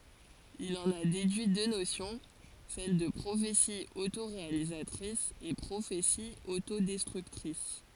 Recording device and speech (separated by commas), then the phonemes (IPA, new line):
forehead accelerometer, read sentence
il ɑ̃n a dedyi dø nosjɔ̃ sɛl də pʁofeti otoʁealizatʁis e pʁofeti otodɛstʁyktʁis